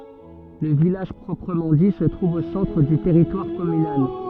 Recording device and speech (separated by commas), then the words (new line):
soft in-ear microphone, read sentence
Le village proprement dit se trouve au centre du territoire communal.